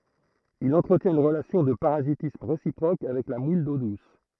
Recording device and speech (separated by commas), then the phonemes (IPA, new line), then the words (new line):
throat microphone, read sentence
il ɑ̃tʁətjɛ̃t yn ʁəlasjɔ̃ də paʁazitism ʁesipʁok avɛk la mul do dus
Il entretient une relation de parasitisme réciproque avec la moule d'eau douce.